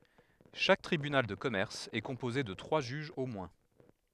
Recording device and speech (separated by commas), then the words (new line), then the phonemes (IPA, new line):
headset microphone, read sentence
Chaque tribunal de commerce est composé de trois juges au moins.
ʃak tʁibynal də kɔmɛʁs ɛ kɔ̃poze də tʁwa ʒyʒz o mwɛ̃